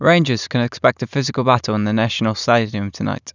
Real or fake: real